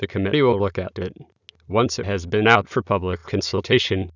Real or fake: fake